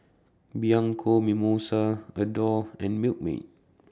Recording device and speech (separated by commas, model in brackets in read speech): standing microphone (AKG C214), read sentence